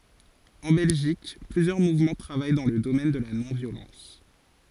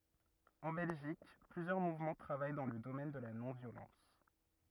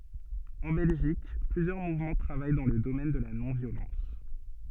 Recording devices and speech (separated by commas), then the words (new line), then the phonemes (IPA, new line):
forehead accelerometer, rigid in-ear microphone, soft in-ear microphone, read sentence
En Belgique, plusieurs mouvements travaillent dans le domaine de la non-violence.
ɑ̃ bɛlʒik plyzjœʁ muvmɑ̃ tʁavaj dɑ̃ lə domɛn də la nɔ̃vjolɑ̃s